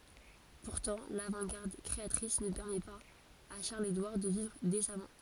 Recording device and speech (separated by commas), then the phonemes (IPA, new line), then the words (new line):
forehead accelerometer, read sentence
puʁtɑ̃ lavɑ̃tɡaʁd kʁeatʁis nə pɛʁmɛ paz a ʃaʁləzedwaʁ də vivʁ desamɑ̃
Pourtant l'avant-garde créatrice ne permet pas à Charles-Édouard de vivre décemment.